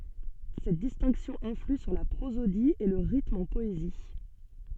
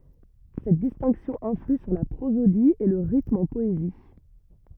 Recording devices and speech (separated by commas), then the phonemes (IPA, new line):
soft in-ear microphone, rigid in-ear microphone, read sentence
sɛt distɛ̃ksjɔ̃ ɛ̃fly syʁ la pʁozodi e lə ʁitm ɑ̃ pɔezi